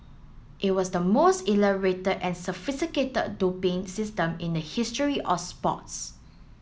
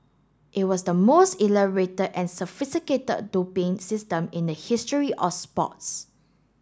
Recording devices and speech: mobile phone (Samsung S8), standing microphone (AKG C214), read sentence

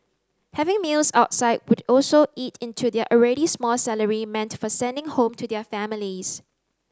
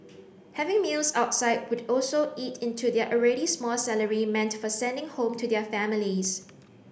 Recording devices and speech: close-talking microphone (WH30), boundary microphone (BM630), read sentence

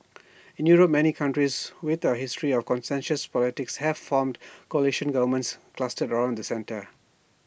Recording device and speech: boundary microphone (BM630), read sentence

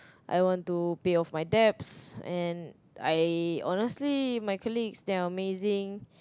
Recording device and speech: close-talking microphone, conversation in the same room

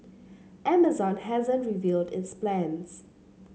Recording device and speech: mobile phone (Samsung C7), read sentence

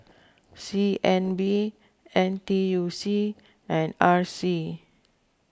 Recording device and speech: close-talking microphone (WH20), read sentence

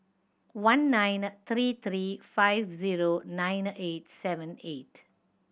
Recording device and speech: boundary microphone (BM630), read sentence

